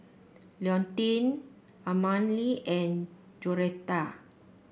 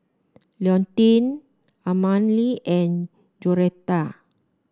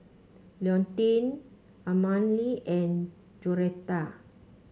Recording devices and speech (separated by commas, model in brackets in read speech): boundary microphone (BM630), standing microphone (AKG C214), mobile phone (Samsung C5), read sentence